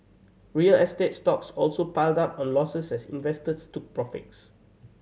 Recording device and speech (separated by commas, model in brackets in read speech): mobile phone (Samsung C7100), read sentence